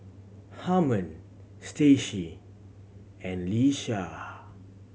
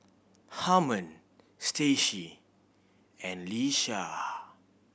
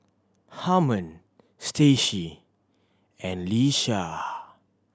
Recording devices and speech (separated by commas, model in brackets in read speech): mobile phone (Samsung C7100), boundary microphone (BM630), standing microphone (AKG C214), read sentence